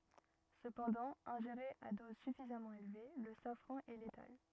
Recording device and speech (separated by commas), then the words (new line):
rigid in-ear microphone, read sentence
Cependant, ingéré à dose suffisamment élevée, le safran est létal.